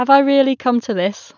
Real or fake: real